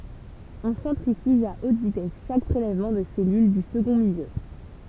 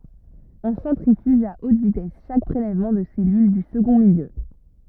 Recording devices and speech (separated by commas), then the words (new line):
temple vibration pickup, rigid in-ear microphone, read sentence
On centrifuge à haute vitesse chaque prélèvement de cellules du second milieu.